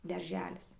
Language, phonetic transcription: Lithuanian, darˈželis

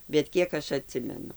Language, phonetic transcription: Lithuanian, bet ˈkiek aš aˈtsimenu

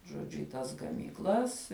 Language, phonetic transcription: Lithuanian, žoˈdžiu i ˈtas gamykˈlas

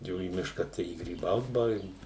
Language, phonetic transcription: Lithuanian, ˈjau į ˈmiška tai i gryˈbaut baˈveik

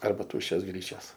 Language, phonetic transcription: Lithuanian, ˈarba ˈtūščios ˈgryčias

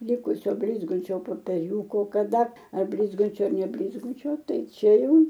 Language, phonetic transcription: Lithuanian, ˈlikusio ˈblizgančio popeˈriūko kaˈda ar ˈblizgančio ar neblizˈgučio ˈtai ˈčia ˈjau

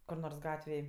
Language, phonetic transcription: Lithuanian, kur ˈnors ˈgatvėj

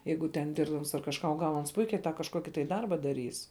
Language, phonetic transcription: Lithuanian, ˈjeigu ten ˈdirbdams ar kažˈką o ˈgal ˈans ˈpuikiai tą kažˈkoki tai ˈdarba daˈrys

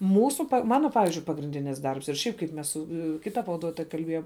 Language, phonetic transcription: Lithuanian, ˈmūsu ˈmano ˈpavizdžiui pagrinˈdinis ˈdarbs ir ˈšiaip kaip ˈmes su ˈkita pavaˈduotoja kalˈbėjom

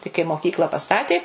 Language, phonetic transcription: Lithuanian, tai kai moˈkykla paˈstatė

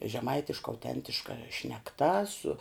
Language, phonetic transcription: Lithuanian, žeˈmaitiška auˈtentiška šnekˈta su

